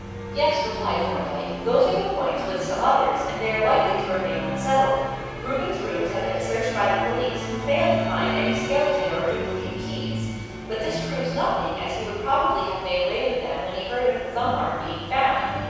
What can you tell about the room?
A big, very reverberant room.